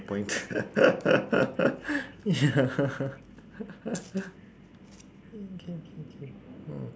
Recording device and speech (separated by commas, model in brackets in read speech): standing microphone, conversation in separate rooms